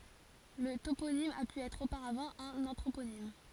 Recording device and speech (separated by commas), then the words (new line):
forehead accelerometer, read sentence
Le toponyme a pu être auparavant un anthroponyme.